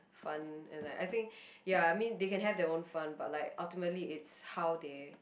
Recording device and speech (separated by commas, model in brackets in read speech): boundary microphone, conversation in the same room